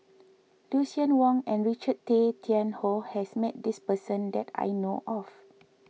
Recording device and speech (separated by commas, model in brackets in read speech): mobile phone (iPhone 6), read sentence